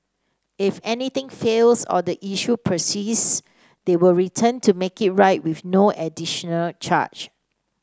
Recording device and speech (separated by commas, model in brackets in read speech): standing microphone (AKG C214), read sentence